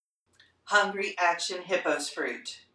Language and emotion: English, neutral